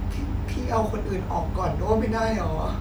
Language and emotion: Thai, frustrated